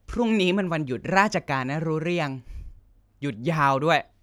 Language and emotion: Thai, frustrated